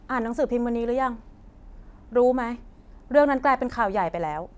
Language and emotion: Thai, frustrated